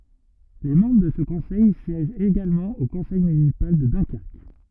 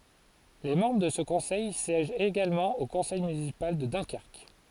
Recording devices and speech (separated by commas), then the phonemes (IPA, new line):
rigid in-ear microphone, forehead accelerometer, read sentence
le mɑ̃bʁ də sə kɔ̃sɛj sjɛʒt eɡalmɑ̃ o kɔ̃sɛj mynisipal də dœ̃kɛʁk